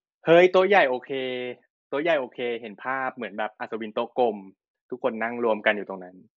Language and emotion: Thai, neutral